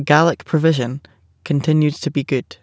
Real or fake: real